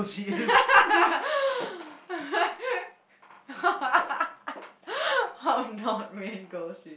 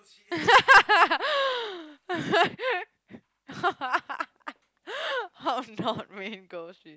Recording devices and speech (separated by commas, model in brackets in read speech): boundary microphone, close-talking microphone, conversation in the same room